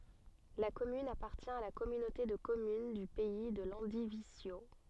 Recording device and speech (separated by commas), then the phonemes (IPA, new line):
soft in-ear microphone, read sentence
la kɔmyn apaʁtjɛ̃ a la kɔmynote də kɔmyn dy pɛi də lɑ̃divizjo